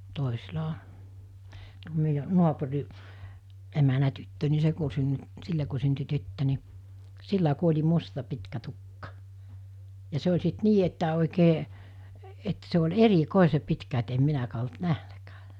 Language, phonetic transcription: Finnish, 'tòisila (o) , tuo meijä , 'nuapuri’ , emänä tyttö ni 'se ku synny- , 'sille ku synty 'tyttö ni , 'sillä ku 'oĺi 'musta 'pitkä 'tukka , ja 'se oĺ sit 'nii että òikee , et se ol̜ "eri'kòese 'pitkä et em 'minäkää olt "nähnäkää .
- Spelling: toisilla on tuo meidän naapuri emännän tyttö niin se kun - sille kun syntyi tyttö niin sillä kun oli musta pitkä tukka ja se oli sitten niin että oikein että se oli erikoisen pitkä että en minäkään ollut nähnytkään

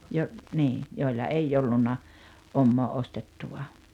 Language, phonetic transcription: Finnish, jo- , nii , jòilla "eijj ‿ollunna , 'ommoo 'ostettuva .
- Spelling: - niin joilla ei ollut omaa ostettua

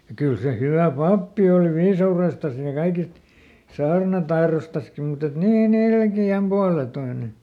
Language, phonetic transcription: Finnish, ja ˈkyl se ˈhyvä̀ "pappi oli ˈviisa₍urestas ja ˈkaikist , ˈsaarnatairostaski mut ‿et ˈnii"n ‿ilki₍äm ˈpualetoine .
- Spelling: ja kyllä se hyvä pappi oli viisaudestaan ja kaikista saarnataidostakin mutta että niin ilkeän puoletoinen

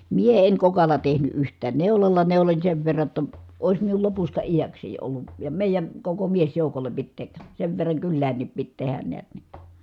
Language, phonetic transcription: Finnish, mie eŋ kokalla tehny ʼyht̀ään neulalla neuloń sev verra ‿tta , ois miul lopusta ijäksèi ollu , ja mèijän̬ , koko miesjòukol̀e pit tek- , sev verraŋ kylläännip pit tehän neät ni .
- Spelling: minä en kokalla tehnyt yhtään neulalla neuloin sen verran jotta olisi minulla lopusta iäkseni ollut ja meidän koko miesjoukolle piti - sen verran kyläänkin piti tehdä näet niin

